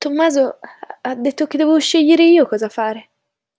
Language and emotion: Italian, fearful